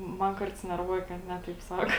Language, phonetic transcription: Lithuanian, ˈman ˈkarts nerˈvuoja kad ˈne taip ˈsako

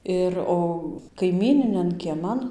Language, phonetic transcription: Lithuanian, ˈir o kaiˈmyninian kieˈman

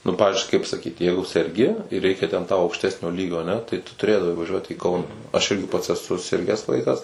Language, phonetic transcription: Lithuanian, nu ˈpavizdžiui kaip saˈkyt ˈjeigu serˈgi ir ˈreikia ten tau aukšˈtesnio ˈlygio aˈne tai tu tuˈrėdavai vaˈžiuot į ˈkauna aš ˈirgi pats eˈsu ˈsirgęs ˈvaikas

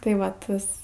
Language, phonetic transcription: Lithuanian, tai ˈva ˈtas

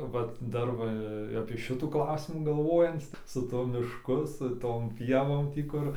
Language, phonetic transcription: Lithuanian, ˈvat ˈdar va apie šiˈtų ˈklausimų galˈvojanc su tuo mišˈku su ˈtom ˈpievom ˈtį kur

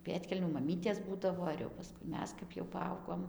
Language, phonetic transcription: Lithuanian, ˈpėdkelnių maˈmytės ˈbūdavo ir jau paˈskui ˈmes kap jau paˈaugom

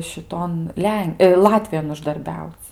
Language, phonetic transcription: Lithuanian, šiˈton ˈlen ˈlatvijon uždarˈbiauc'

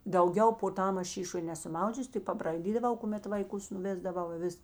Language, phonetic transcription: Lithuanian, dauˈgiau po ˈtam ˈaš ˈšyšoj ˈnesu ˈmaudžius tik pabraiˈdydaˌvau kuˈmet vaiˈkus nuˈvėsdavau i ˈvis

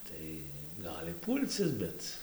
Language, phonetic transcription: Lithuanian, ˈtai ˈgali ˈpūl'c is ˈbet

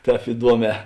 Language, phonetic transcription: Lithuanian, ˈtēp iˈduoˌmē

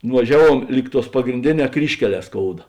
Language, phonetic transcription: Lithuanian, nuvaˈžiaˌvuom ˈlyg ˌtuos pagrinˈdėˌnē ˈkryžkeˌlē ˈskouda

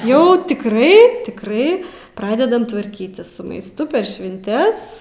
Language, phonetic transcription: Lithuanian, jau tikˈrai tikˈrai ˈpradedam tvarˈkytis su maisˈtu per švinˈtes

